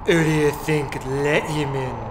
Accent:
Heavy Cockney accent